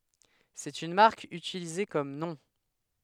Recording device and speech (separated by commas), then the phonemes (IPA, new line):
headset microphone, read sentence
sɛt yn maʁk ytilize kɔm nɔ̃